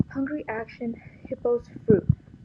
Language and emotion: English, fearful